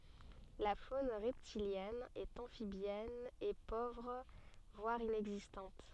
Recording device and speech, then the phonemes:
soft in-ear microphone, read sentence
la fon ʁɛptiljɛn e ɑ̃fibjɛn ɛ povʁ vwaʁ inɛɡzistɑ̃t

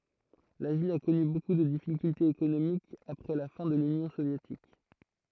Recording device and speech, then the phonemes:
throat microphone, read sentence
la vil a kɔny boku də difikyltez ekonomikz apʁɛ la fɛ̃ də lynjɔ̃ sovjetik

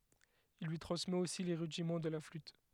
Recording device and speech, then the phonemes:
headset microphone, read sentence
il lyi tʁɑ̃smɛt osi le ʁydimɑ̃ də la flyt

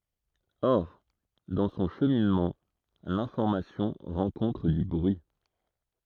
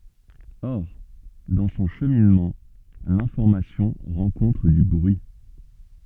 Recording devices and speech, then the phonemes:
throat microphone, soft in-ear microphone, read sentence
ɔʁ dɑ̃ sɔ̃ ʃəminmɑ̃ lɛ̃fɔʁmasjɔ̃ ʁɑ̃kɔ̃tʁ dy bʁyi

